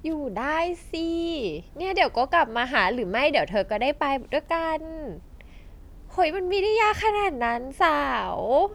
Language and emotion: Thai, happy